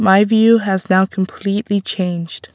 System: none